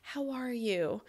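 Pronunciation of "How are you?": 'How are you?' is said with a worried intonation, showing worry and concern. It sounds a little rushed, and the stress is on 'are'.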